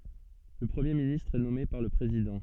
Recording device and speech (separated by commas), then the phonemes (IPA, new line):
soft in-ear microphone, read sentence
lə pʁəmje ministʁ ɛ nɔme paʁ lə pʁezidɑ̃